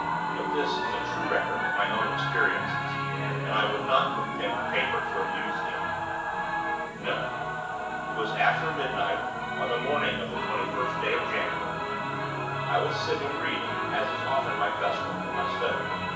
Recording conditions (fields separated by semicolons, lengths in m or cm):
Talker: one person; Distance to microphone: 9.8 m; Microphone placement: far; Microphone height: 1.8 m; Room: large; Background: television